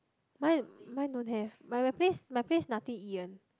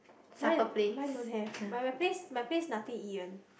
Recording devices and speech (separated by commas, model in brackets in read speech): close-talking microphone, boundary microphone, conversation in the same room